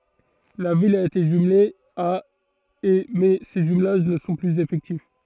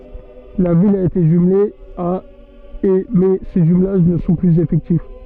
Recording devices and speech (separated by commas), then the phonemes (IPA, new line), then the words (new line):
throat microphone, soft in-ear microphone, read sentence
la vil a ete ʒymle a e mɛ se ʒymlaʒ nə sɔ̃ plyz efɛktif
La ville a été jumelée à et mais ces jumelages ne sont plus effectifs.